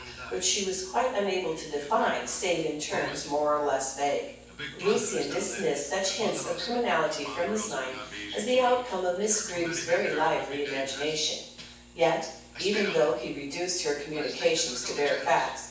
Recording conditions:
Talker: one person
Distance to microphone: 9.8 m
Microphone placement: far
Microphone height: 1.8 m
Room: large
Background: television

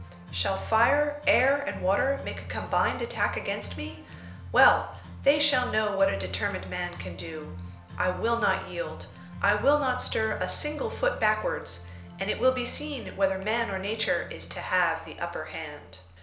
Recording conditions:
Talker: one person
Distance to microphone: 1.0 m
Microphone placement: close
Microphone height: 1.1 m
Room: small (3.7 m by 2.7 m)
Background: music

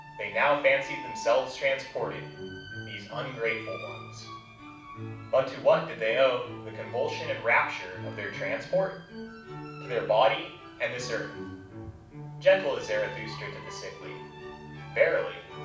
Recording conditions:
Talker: one person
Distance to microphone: 5.8 m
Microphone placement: far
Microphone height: 1.8 m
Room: medium-sized (5.7 m by 4.0 m)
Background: music

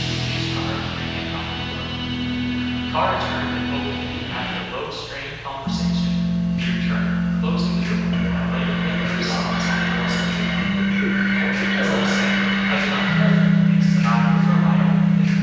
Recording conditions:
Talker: one person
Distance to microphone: 7.1 m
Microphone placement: far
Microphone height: 1.7 m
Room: very reverberant, large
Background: music

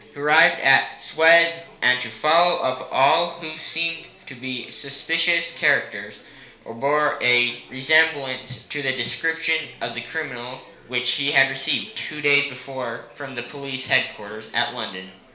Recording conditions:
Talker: one person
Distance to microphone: 1.0 m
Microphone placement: close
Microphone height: 1.1 m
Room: small (3.7 m by 2.7 m)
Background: babble

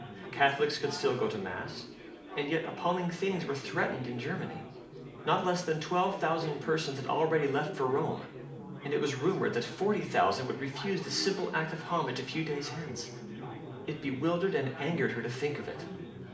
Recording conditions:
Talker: one person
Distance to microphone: 2.0 m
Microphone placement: close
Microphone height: 99 cm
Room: medium-sized (5.7 m by 4.0 m)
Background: babble

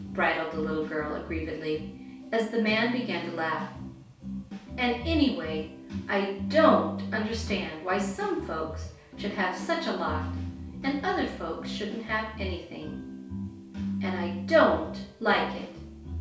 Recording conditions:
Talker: one person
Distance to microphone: 3.0 m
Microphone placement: far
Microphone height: 1.8 m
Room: small (3.7 m by 2.7 m)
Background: music

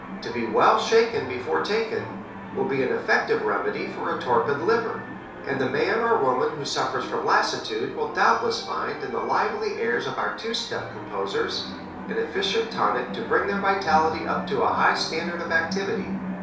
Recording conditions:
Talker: one person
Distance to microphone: 3.0 m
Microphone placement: far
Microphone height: 1.8 m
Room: small (3.7 m by 2.7 m)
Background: television

